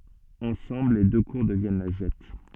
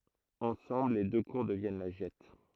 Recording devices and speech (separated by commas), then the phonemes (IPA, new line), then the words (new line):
soft in-ear microphone, throat microphone, read sentence
ɑ̃sɑ̃bl le dø kuʁ dəvjɛn la ʒɛt
Ensemble les deux cours deviennent la Gette.